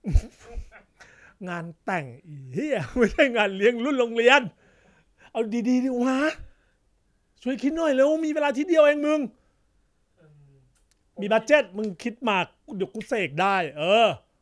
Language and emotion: Thai, happy